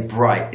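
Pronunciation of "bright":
The T sound in 'bright' is dropped and not pronounced.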